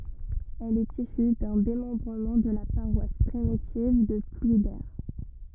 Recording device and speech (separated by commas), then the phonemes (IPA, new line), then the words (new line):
rigid in-ear microphone, read sentence
ɛl ɛt isy dœ̃ demɑ̃bʁəmɑ̃ də la paʁwas pʁimitiv də plwide
Elle est issue d'un démembrement de la paroisse primitive de Plouider.